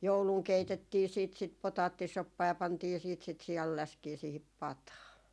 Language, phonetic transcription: Finnish, "jouluŋ 'keitettii siit sit 'potaattisoppaa ja pantii siit sit 'sial'läskii siihip "pataa .
- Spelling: jouluna keitettiin sitten sitä potaattisoppaa ja pantiin sitten sitä sianläskiä siihen pataan

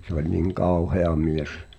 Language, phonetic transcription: Finnish, se ‿ol niŋ "kàuhea 'mies .
- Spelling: se oli niin kauhea mies

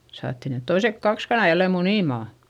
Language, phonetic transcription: Finnish, saatti net toisek kaks kanà jällem munìmà .
- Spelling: saatiin ne toiset kaksi kanaa jälleen munimaan

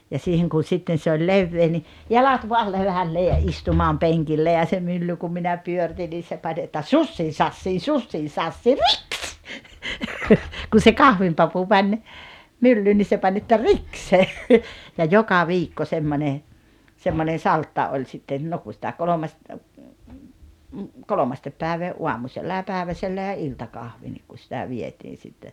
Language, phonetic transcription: Finnish, ja 'siiheŋ kun̬ 'sitten̬ se oĺ "levvee ni , 'jalat voal 'levällee ja 'istumaam 'peŋkille ja se 'mylly kum minä 'pyörⁱtin nii se pań että » "sussii 'sassii "sussii sassii "riks « , kun̬ se "kahvimpapu 'mäń , 'myllyy ni se 'pań että » "riks « se , ja "joka "viikko 'semmone , 'semmonen̬ "saltta oĺ sitten , no ku sⁱtä 'koĺomast- , 'kolomastep päevee , "uamusella ja 'pä̀eväsellä ja "iltakahvi nik ku sⁱtä 'vietiin̬ sitte .
- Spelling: ja siihen kun sitten se oli leveä niin jalat vain levälleen ja istumaan penkille ja se mylly kun minä pyöritin niin se pani että sussii sassii sussii sassii riks kun se kahvinpapu meni myllyyn niin se pani että riks se ja joka viikko semmoinen semmoinen saltta oli sitten no kun sitä - kolmesti päivää aamusella ja päiväsellä ja iltakahvi niin kun sitä vietiin sitten

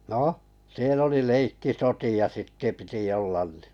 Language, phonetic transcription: Finnish, 'nò , 'siel ‿oli "leikkisoti₍a sittᵉ piti 'ollan ni .
- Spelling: no siellä oli leikkisotia sitten piti olla niin

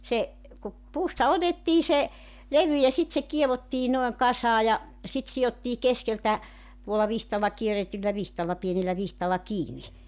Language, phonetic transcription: Finnish, se , ku , 'puusta 'otettii se , 'levy ja sit se 'kievottii 'noeŋ 'kasaa ja , sit 'si₍ottii 'keskeltä , tuolla 'vihtalla , 'kieretyllä 'vihtalla 'pienellä 'vihtalla "kiini .
- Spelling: se kun puusta otettiin se levy ja sitten se kiedottiin noin kasaan ja sitten sidottiin keskeltä tuolla vitsalla kierretyllä vitsalla pienellä vitsalla kiinni

